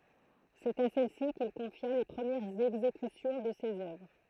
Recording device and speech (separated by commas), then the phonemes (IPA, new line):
throat microphone, read sentence
sɛt a sɛlsi kil kɔ̃fja le pʁəmjɛʁz ɛɡzekysjɔ̃ də sez œvʁ